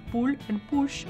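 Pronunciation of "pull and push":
In 'pull and push', said in a general Indian accent, the p sound almost sounds like a b.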